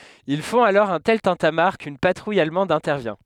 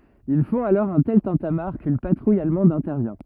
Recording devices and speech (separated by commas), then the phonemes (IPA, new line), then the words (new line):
headset microphone, rigid in-ear microphone, read sentence
il fɔ̃t alɔʁ œ̃ tɛl tɛ̃tamaʁ kyn patʁuj almɑ̃d ɛ̃tɛʁvjɛ̃
Ils font alors un tel tintamarre qu'une patrouille allemande intervient.